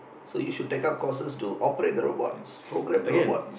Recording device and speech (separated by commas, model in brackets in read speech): boundary microphone, conversation in the same room